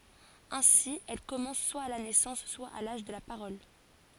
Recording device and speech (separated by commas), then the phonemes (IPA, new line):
forehead accelerometer, read sentence
ɛ̃si ɛl kɔmɑ̃s swa a la nɛsɑ̃s swa a laʒ də la paʁɔl